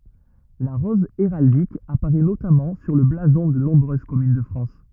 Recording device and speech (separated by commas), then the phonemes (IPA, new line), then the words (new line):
rigid in-ear microphone, read sentence
la ʁɔz eʁaldik apaʁɛ notamɑ̃ syʁ lə blazɔ̃ də nɔ̃bʁøz kɔmyn də fʁɑ̃s
La rose héraldique apparaît notamment sur le blason de nombreuses communes de France.